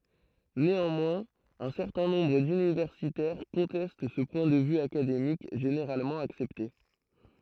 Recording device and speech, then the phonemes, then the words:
throat microphone, read sentence
neɑ̃mwɛ̃z œ̃ sɛʁtɛ̃ nɔ̃bʁ dynivɛʁsitɛʁ kɔ̃tɛst sə pwɛ̃ də vy akademik ʒeneʁalmɑ̃ aksɛpte
Néanmoins, un certain nombre d'universitaires conteste ce point de vue académique généralement accepté.

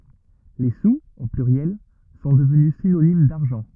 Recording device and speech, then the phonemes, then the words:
rigid in-ear microphone, read sentence
le suz o plyʁjɛl sɔ̃ dəvny sinonim daʁʒɑ̃
Les sous, au pluriel, sont devenus synonyme d'argent.

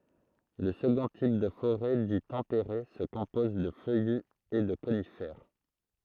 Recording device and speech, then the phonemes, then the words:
throat microphone, read sentence
lə səɡɔ̃ tip də foʁɛ di tɑ̃peʁe sə kɔ̃pɔz də fœjy e də konifɛʁ
Le second type de forêt dit tempéré se compose de feuillus et de conifères.

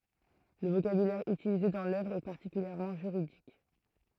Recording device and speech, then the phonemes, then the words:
throat microphone, read sentence
lə vokabylɛʁ ytilize dɑ̃ lœvʁ ɛ paʁtikyljɛʁmɑ̃ ʒyʁidik
Le vocabulaire utilisé dans l'œuvre est particulièrement juridique.

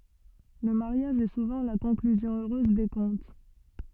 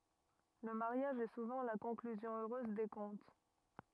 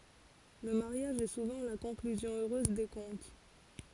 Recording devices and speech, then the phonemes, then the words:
soft in-ear microphone, rigid in-ear microphone, forehead accelerometer, read sentence
lə maʁjaʒ ɛ suvɑ̃ la kɔ̃klyzjɔ̃ øʁøz de kɔ̃t
Le mariage est souvent la conclusion heureuse des contes.

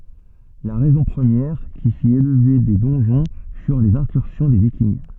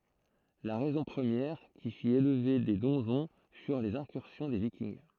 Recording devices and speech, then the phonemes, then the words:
soft in-ear microphone, throat microphone, read sentence
la ʁɛzɔ̃ pʁəmjɛʁ ki fit elve de dɔ̃ʒɔ̃ fyʁ lez ɛ̃kyʁsjɔ̃ de vikinɡ
La raison première qui fit élever des donjons furent les incursions des Vikings.

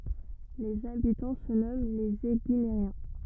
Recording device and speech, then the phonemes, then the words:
rigid in-ear microphone, read sentence
lez abitɑ̃ sə nɔmɑ̃ lez eɡineʁjɛ̃
Les habitants se nomment les Éguinériens.

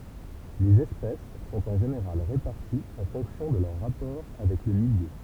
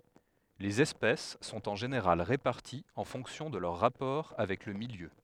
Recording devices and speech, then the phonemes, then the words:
temple vibration pickup, headset microphone, read sentence
lez ɛspɛs sɔ̃t ɑ̃ ʒeneʁal ʁepaʁtiz ɑ̃ fɔ̃ksjɔ̃ də lœʁ ʁapɔʁ avɛk lə miljø
Les espèces sont en général réparties en fonction de leurs rapports avec le milieu.

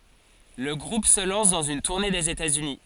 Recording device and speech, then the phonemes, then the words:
forehead accelerometer, read sentence
lə ɡʁup sə lɑ̃s dɑ̃z yn tuʁne dez etatsyni
Le groupe se lance dans une tournée des États-Unis.

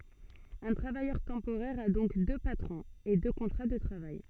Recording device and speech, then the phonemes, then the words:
soft in-ear microphone, read sentence
œ̃ tʁavajœʁ tɑ̃poʁɛʁ a dɔ̃k dø patʁɔ̃z e dø kɔ̃tʁa də tʁavaj
Un travailleur temporaire a donc deux patrons, et deux contrats de travail.

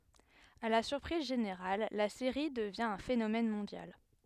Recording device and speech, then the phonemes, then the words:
headset microphone, read sentence
a la syʁpʁiz ʒeneʁal la seʁi dəvjɛ̃ œ̃ fenomɛn mɔ̃djal
À la surprise générale, la série devient un phénomène mondial.

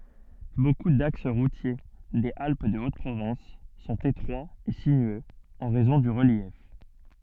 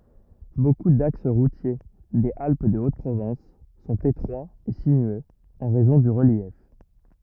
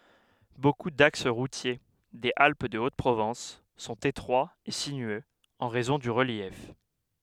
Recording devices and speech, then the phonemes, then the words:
soft in-ear microphone, rigid in-ear microphone, headset microphone, read sentence
boku daks ʁutje dez alp də ot pʁovɑ̃s sɔ̃t etʁwaz e sinyøz ɑ̃ ʁɛzɔ̃ dy ʁəljɛf
Beaucoup d'axes routiers des Alpes-de-Haute-Provence sont étroits et sinueux en raison du relief.

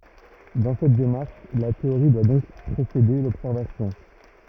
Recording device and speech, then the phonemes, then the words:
rigid in-ear microphone, read sentence
dɑ̃ sɛt demaʁʃ la teoʁi dwa dɔ̃k pʁesede lɔbsɛʁvasjɔ̃
Dans cette démarche, la théorie doit donc précéder l'observation.

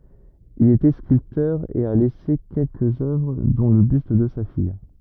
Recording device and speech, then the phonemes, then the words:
rigid in-ear microphone, read sentence
il etɛ skyltœʁ e a lɛse kɛlkəz œvʁ dɔ̃ lə byst də sa fij
Il était sculpteur et a laissé quelques œuvres dont le buste de sa fille.

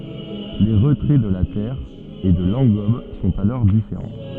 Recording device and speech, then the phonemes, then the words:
soft in-ear microphone, read sentence
le ʁətʁɛ də la tɛʁ e də lɑ̃ɡɔb sɔ̃t alɔʁ difeʁɑ̃
Les retraits de la terre et de l’engobe sont alors différents.

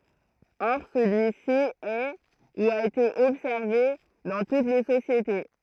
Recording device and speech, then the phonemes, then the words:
throat microphone, read sentence
ɔʁ səlyi si ɛ u a ete ɔbsɛʁve dɑ̃ tut le sosjete
Or, celui-ci est, ou a été observé, dans toutes les sociétés.

